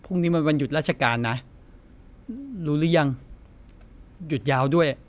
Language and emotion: Thai, neutral